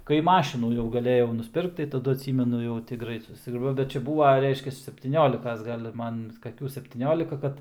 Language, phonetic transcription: Lithuanian, kai ˈmašinų jau gaˈlėjau nusˈpirkt tai taˈdu atˈsymenu jau ˈti ˈgrait ˈsusre bet ˈčia ˈbūva ˈreiškias septyˈniolikas ˈgal' ˈman kaˈkių septyˈniolika ˈkad

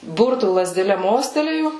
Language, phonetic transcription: Lithuanian, ˈburtų lazdeˈle ˈmostelėju

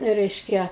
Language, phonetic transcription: Lithuanian, ˈreiškia

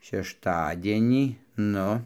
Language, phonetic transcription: Lithuanian, šešˈtadienį ˈnu

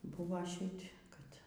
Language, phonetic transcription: Lithuanian, ˈbuvo ˈšit' kad

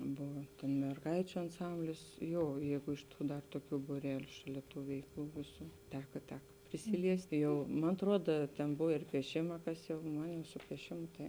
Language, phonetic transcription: Lithuanian, ˈbova merˈgaičiu anˈsamblis ˈjo ˈjeigu iš ˈtų dar toˈkių būˈreliu ˈšaˌlia ˈtų ˈveikˌlų ˈvėˌsų ˈteka ˈteka prisiˈliesti ˈjau man atˈruoda ten ˈbov ir pieˈšima ˈkas jau ˈman jau su pieˈšimu tai

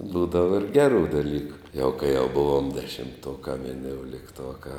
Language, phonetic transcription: Lithuanian, ˈbūdava ir ˈgeru ˈdalyku jau kai jau ˈbuvom dešimˈtuokā vinioulikˈtuokā

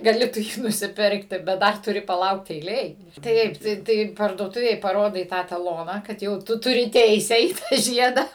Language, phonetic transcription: Lithuanian, gaˈli tu ˈjį nusiˈpirkti bet ˈdar tuˈri paˈlaukt eiˈlėj ˈtaip ˈtai ˈtai parduoˈtuvėj paˈrodai ˈtą taˈloną ˈkad jau ˈtu tuˈri ˈteise į ˈtą ˈžieda

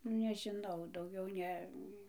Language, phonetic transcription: Lithuanian, nu nežiˈnau dauˈgiau ˈne

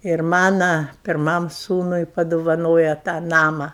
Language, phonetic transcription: Lithuanian, ir ˈmana pirˈmam ˈsūnui padovaˈnoja tą ˈnama

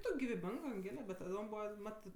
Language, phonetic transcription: Lithuanian, ˈtok' giviˈbing anˈgėle bet taˈdom ˈbūva ˈmatɜ

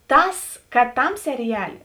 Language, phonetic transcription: Lithuanian, ˈtas kad ˈtam seriˈjalė

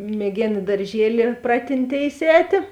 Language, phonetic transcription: Lithuanian, mieˈgėn i darˈžieli ˈpratinˌtėis ˈētė

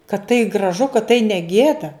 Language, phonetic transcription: Lithuanian, kad tai graˈžu kad tai ne ˈgėda

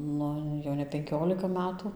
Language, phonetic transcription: Lithuanian, ˈnu jau ne penˈkiolika ˈmetu

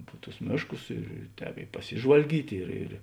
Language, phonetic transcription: Lithuanian, pu tus ˈmėšˌkus ir ˈtēp i paˈsižvalgyt' ir ir

